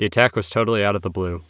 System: none